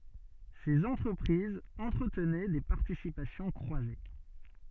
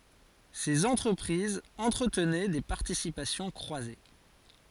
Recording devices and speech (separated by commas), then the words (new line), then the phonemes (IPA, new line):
soft in-ear microphone, forehead accelerometer, read sentence
Ces entreprises entretenaient des participations croisées.
sez ɑ̃tʁəpʁizz ɑ̃tʁətnɛ de paʁtisipasjɔ̃ kʁwaze